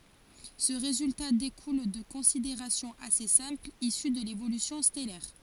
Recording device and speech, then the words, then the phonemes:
forehead accelerometer, read sentence
Ce résultat découle de considérations assez simples issues de l'évolution stellaire.
sə ʁezylta dekul də kɔ̃sideʁasjɔ̃z ase sɛ̃plz isy də levolysjɔ̃ stɛlɛʁ

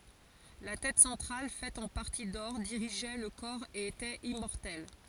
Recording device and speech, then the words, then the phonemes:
forehead accelerometer, read sentence
La tête centrale, faite en partie d'or, dirigeait le corps et était immortelle.
la tɛt sɑ̃tʁal fɛt ɑ̃ paʁti dɔʁ diʁiʒɛ lə kɔʁ e etɛt immɔʁtɛl

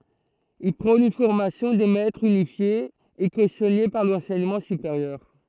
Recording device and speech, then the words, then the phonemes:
throat microphone, read sentence
Il prône une formation des maîtres unifiée et cautionnée par l'enseignement supérieur.
il pʁɔ̃n yn fɔʁmasjɔ̃ de mɛtʁz ynifje e kosjɔne paʁ lɑ̃sɛɲəmɑ̃ sypeʁjœʁ

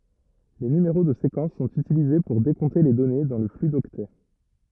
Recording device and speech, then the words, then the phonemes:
rigid in-ear microphone, read sentence
Les numéros de séquence sont utilisés pour décompter les données dans le flux d'octets.
le nymeʁo də sekɑ̃s sɔ̃t ytilize puʁ dekɔ̃te le dɔne dɑ̃ lə fly dɔktɛ

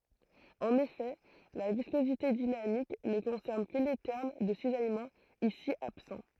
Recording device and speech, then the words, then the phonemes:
throat microphone, read sentence
En effet la viscosité dynamique ne concerne que les termes de cisaillement, ici absents.
ɑ̃n efɛ la viskozite dinamik nə kɔ̃sɛʁn kə le tɛʁm də sizajmɑ̃ isi absɑ̃

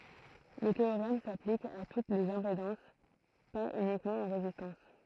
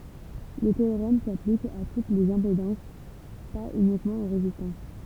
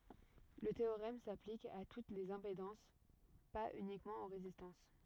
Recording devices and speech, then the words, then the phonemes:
throat microphone, temple vibration pickup, rigid in-ear microphone, read sentence
Le théorème s'applique à toutes les impédances, pas uniquement aux résistances.
lə teoʁɛm saplik a tut lez ɛ̃pedɑ̃s paz ynikmɑ̃ o ʁezistɑ̃s

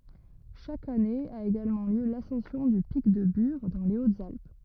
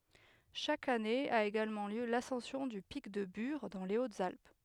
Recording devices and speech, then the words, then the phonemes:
rigid in-ear microphone, headset microphone, read sentence
Chaque année a également lieu l’ascension du pic de Bure dans les Hautes-Alpes.
ʃak ane a eɡalmɑ̃ ljø lasɑ̃sjɔ̃ dy pik də byʁ dɑ̃ le otzalp

